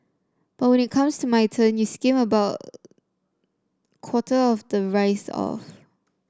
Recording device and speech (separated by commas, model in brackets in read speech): standing microphone (AKG C214), read sentence